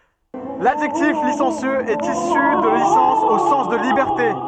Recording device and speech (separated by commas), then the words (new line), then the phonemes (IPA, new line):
soft in-ear microphone, read sentence
L'adjectif licencieux est issu de licence au sens de liberté.
ladʒɛktif lisɑ̃sjøz ɛt isy də lisɑ̃s o sɑ̃s də libɛʁte